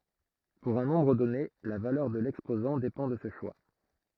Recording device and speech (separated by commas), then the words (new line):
throat microphone, read sentence
Pour un nombre donné, la valeur de l'exposant dépend de ce choix.